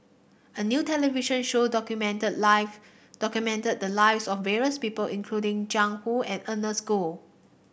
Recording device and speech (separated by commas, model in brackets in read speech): boundary microphone (BM630), read sentence